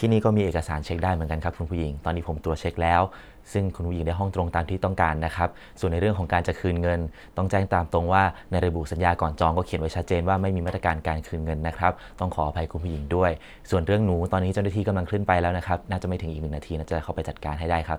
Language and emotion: Thai, neutral